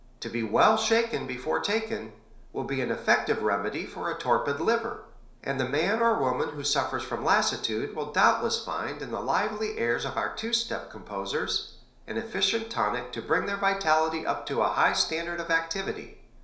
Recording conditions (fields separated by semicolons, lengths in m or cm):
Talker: one person; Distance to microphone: 1.0 m; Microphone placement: close; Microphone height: 1.1 m; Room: small (3.7 m by 2.7 m); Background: none